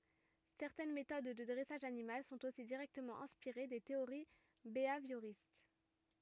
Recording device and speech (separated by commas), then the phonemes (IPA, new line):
rigid in-ear microphone, read sentence
sɛʁtɛn metod də dʁɛsaʒ animal sɔ̃t osi diʁɛktəmɑ̃ ɛ̃spiʁe de teoʁi beavjoʁist